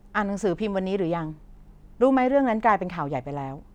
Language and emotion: Thai, frustrated